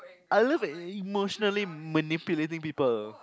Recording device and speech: close-talking microphone, conversation in the same room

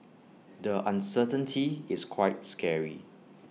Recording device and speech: mobile phone (iPhone 6), read sentence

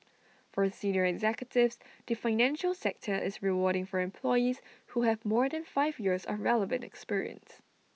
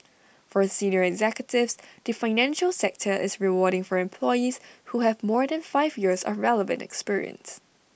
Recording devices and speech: mobile phone (iPhone 6), boundary microphone (BM630), read sentence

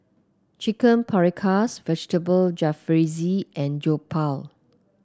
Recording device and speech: close-talking microphone (WH30), read sentence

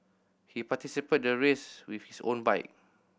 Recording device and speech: boundary microphone (BM630), read sentence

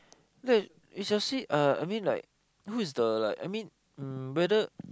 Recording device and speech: close-talking microphone, conversation in the same room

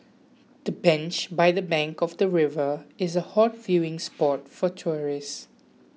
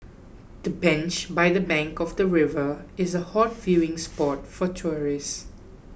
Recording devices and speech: mobile phone (iPhone 6), boundary microphone (BM630), read sentence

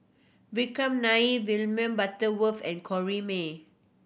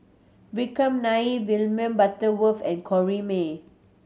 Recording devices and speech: boundary microphone (BM630), mobile phone (Samsung C7100), read sentence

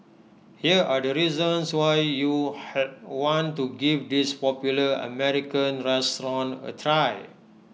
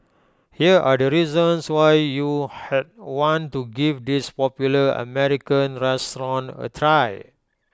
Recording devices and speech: mobile phone (iPhone 6), close-talking microphone (WH20), read sentence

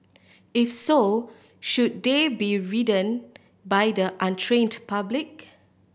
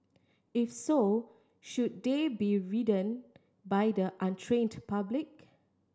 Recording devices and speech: boundary microphone (BM630), standing microphone (AKG C214), read sentence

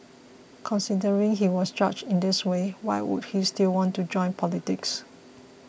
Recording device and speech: boundary microphone (BM630), read sentence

